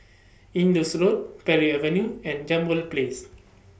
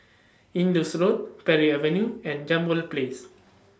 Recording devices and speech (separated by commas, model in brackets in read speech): boundary microphone (BM630), standing microphone (AKG C214), read sentence